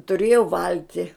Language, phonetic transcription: Lithuanian, tuˈrėju ˈvalti

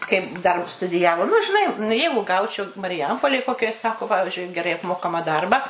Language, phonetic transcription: Lithuanian, kaip dar studiˈjavo nu žiˈnai nu ˈjeigu ˈgaučiau mariˈjampolėj ˈkokioj ˈsako ˈpavižiui geˈrai apˈmokama ˈdarbą

